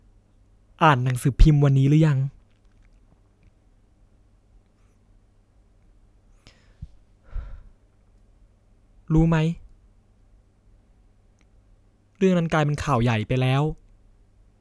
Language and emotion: Thai, sad